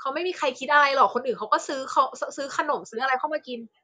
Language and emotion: Thai, frustrated